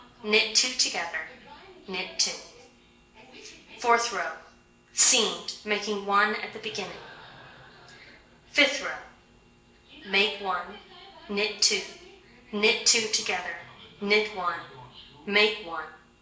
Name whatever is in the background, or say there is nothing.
A television.